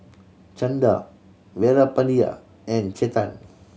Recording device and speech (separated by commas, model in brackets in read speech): mobile phone (Samsung C7100), read sentence